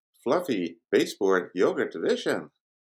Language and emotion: English, surprised